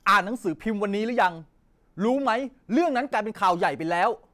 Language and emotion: Thai, angry